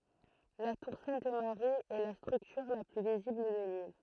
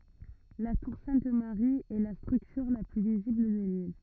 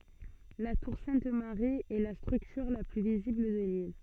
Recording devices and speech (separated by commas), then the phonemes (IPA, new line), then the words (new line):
throat microphone, rigid in-ear microphone, soft in-ear microphone, read sentence
la tuʁ sɛ̃t maʁi ɛ la stʁyktyʁ la ply vizibl də lil
La tour Sainte Marie est la structure la plus visible de l'île.